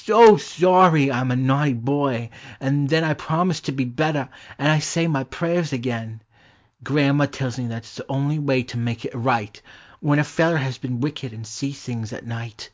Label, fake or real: real